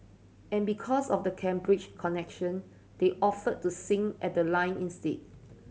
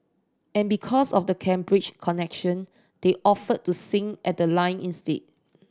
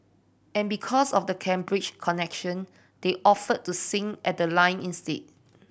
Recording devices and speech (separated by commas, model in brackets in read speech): mobile phone (Samsung C7100), standing microphone (AKG C214), boundary microphone (BM630), read sentence